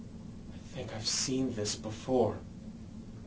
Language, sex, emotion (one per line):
English
male
fearful